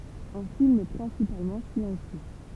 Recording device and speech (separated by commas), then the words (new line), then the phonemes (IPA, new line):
temple vibration pickup, read sentence
Un film principalement silencieux.
œ̃ film pʁɛ̃sipalmɑ̃ silɑ̃sjø